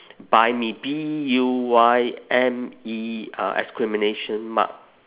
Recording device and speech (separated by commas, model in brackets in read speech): telephone, conversation in separate rooms